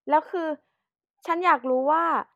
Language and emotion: Thai, frustrated